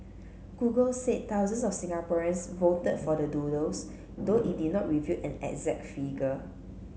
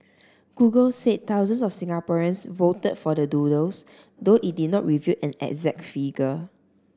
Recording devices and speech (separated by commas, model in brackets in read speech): mobile phone (Samsung C7), standing microphone (AKG C214), read sentence